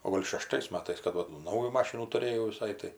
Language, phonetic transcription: Lithuanian, o ˈgol' šeˈštais ˈmatais kad ˈva tų ˈnaujų ˈmašinų tuˈrėjau viˈsai tai

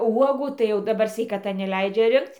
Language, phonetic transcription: Lithuanian, ˈuogų tai jau daˈbar sveikaˈta neˈleidžia ˈrinkc

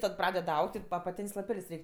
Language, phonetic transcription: Lithuanian, tad ˈpraded ˈaug't' apaˈtėn's' laˈpel's' ˈreik'

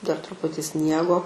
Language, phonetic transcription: Lithuanian, dar truˈputi ˈsniego

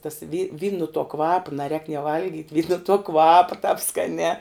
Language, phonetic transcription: Lithuanian, tas vy vyn nu tuo ˈkvapa naˈrēk nie ˈvalgyt' vyn nu tuo ˈkvapa tāp skaˈnē

